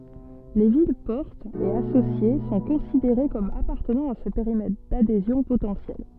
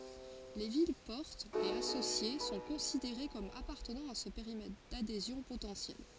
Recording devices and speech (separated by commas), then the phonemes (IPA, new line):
soft in-ear microphone, forehead accelerometer, read sentence
le vilɛspɔʁtz e asosje sɔ̃ kɔ̃sideʁe kɔm apaʁtənɑ̃ a sə peʁimɛtʁ dadezjɔ̃ potɑ̃sjɛl